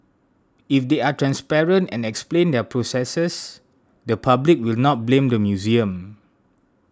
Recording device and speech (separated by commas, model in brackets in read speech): standing microphone (AKG C214), read sentence